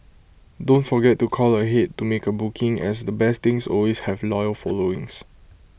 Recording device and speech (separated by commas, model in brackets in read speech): boundary microphone (BM630), read sentence